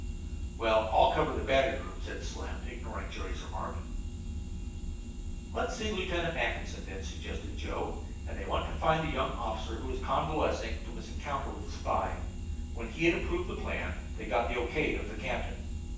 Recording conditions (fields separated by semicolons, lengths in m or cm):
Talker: one person; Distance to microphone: 9.8 m; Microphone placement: far; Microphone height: 1.8 m; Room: large; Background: none